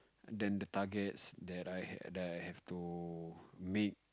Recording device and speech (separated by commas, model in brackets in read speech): close-talking microphone, conversation in the same room